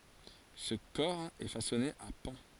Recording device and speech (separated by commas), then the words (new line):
forehead accelerometer, read sentence
Ce cor est façonné à pans.